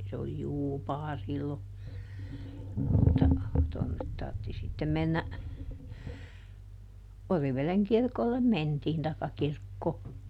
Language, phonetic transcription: Finnish, se oli "Juupaa ˈsillo , mutta , tonnet ˈtartti sittem ˈmennä , ˈOriveleŋ ˈkirkollem "mentiin taikka ˈkirkkoo .
- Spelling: se oli Juupaa silloin mutta tuonne tarvitsi sitten mennä Oriveden kirkolle mentiin tai kirkkoon

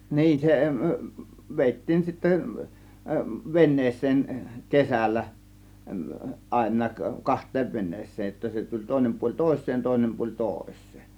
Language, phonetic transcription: Finnish, niin se v- 'vèittiin sittä , 'vennees̆seen , 'kesällä , 'àėǹaak "kaht̆teev 'ven̆nees̆seej jotta 'se tuĺ 'tòėnem puoĺ "tòėsseen 'tòėnem puoĺ "tòės̆sEE .
- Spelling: niin se - vedettiin sitten veneeseen kesällä aina kahteen veneeseen jotta se tuli toinen puoli toiseen toinen puoli toiseen

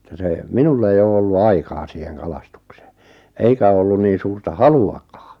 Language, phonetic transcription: Finnish, ᵉttä se , "minull ‿eij ‿oo 'ollu "aikaa 'siiheŋ "kalastuksᴇᴇ , "eikä ᵒᵒ ollun niin̬ 'suurta "halu₍akaa .
- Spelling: että se minulla ei ole ollut aikaa siihen kalastukseen eikä ole ollut niin suurta haluakaan

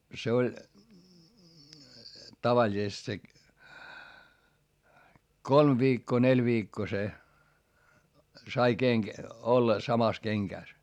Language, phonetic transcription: Finnish, se oĺ , tavaĺisest se , kolm viikkoo neĺ viikkoo se , sai keŋk- , olla samas keŋkä̀s .
- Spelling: se oli tavallisesti se kolme viikkoa neljä viikkoa se sai - olla samassa kengässä

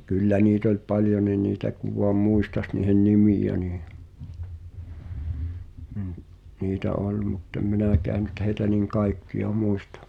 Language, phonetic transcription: Finnish, ᴶa "kyllä niit ‿ol 'paljoni niitä kuv̆ voam "muistas niihen "nimijä nii , niitä 'oĺ muttem "minä̀kää nyt heitä nìŋ "kaikki₍a "mùistᴀ .
- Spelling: ja kyllä niitä oli paljonkin niitä kun vain muistaisi niiden nimiä niin niitä oli mutta en minäkään nyt heitä niin kaikkia muista

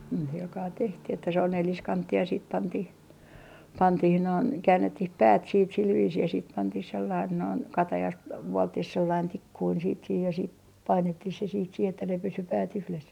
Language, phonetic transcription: Finnish, ni silkaa tehtih että se on 'neliskanttiij ja siit 'pantih , pantih noin , 'käännettih "päät siit sil viisii ja siit 'pantih sellain noin , "katajast 'vuolttih sellain "tikkuin siit sih ja siit , 'painettih se siit sih ‿että ne pysy päät yhles .
- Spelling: niin sillä kalella tehtiin että se on neliskanttinen ja sitten pantiin pantiin noin käännettiin päät sitten sillä viisiin ja sitten pantiin sellainen noin katajasta vuoltiin sellainen tikkunen sitten siihen ja sitten painettiin se sitten siihen että ne pysyi päät yhdessä

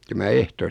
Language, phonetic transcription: Finnish, ja mä 'ehtoosti .
- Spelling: ja minä ehtoosti

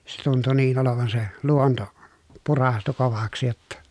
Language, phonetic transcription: Finnish, se tuntu niin olovan se , luonto , purastu kovaksⁱ jotta .
- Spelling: se tuntui niin olevan se luonto puraistu kovaksi jotta

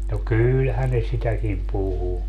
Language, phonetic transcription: Finnish, no "kylhän ne 'sitäkim "puhu .
- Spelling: no kyllähän ne sitäkin puhui

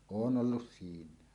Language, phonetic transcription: Finnish, oon '’ollus "siiǹä̀e .
- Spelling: olen ollut siinä

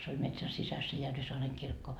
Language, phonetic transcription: Finnish, se oĺ metsän 'sisäs se 'Järvisoareŋ kirkko .
- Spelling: se oli metsän sisässä se Järvisaaren kirkko

